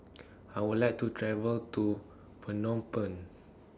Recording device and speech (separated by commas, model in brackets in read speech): standing microphone (AKG C214), read sentence